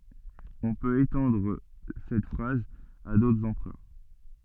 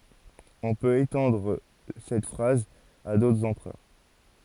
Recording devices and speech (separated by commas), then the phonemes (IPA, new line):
soft in-ear microphone, forehead accelerometer, read sentence
ɔ̃ pøt etɑ̃dʁ sɛt fʁaz a dotʁz ɑ̃pʁœʁ